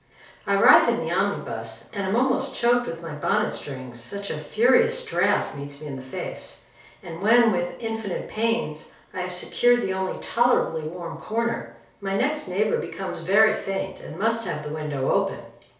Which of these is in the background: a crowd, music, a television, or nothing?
Nothing.